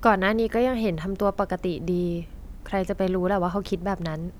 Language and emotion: Thai, neutral